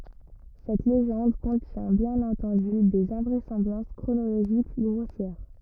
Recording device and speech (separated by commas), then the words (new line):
rigid in-ear microphone, read sentence
Cette légende contient bien entendu des invraisemblances chronologiques grossières!